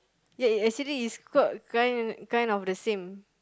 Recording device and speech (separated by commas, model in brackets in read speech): close-talking microphone, conversation in the same room